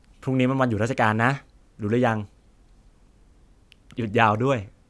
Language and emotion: Thai, neutral